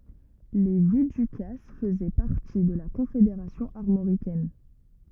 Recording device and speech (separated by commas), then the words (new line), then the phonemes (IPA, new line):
rigid in-ear microphone, read sentence
Les Viducasses faisaient partie de la Confédération armoricaine.
le vidykas fəzɛ paʁti də la kɔ̃fedeʁasjɔ̃ aʁmoʁikɛn